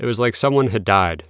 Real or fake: real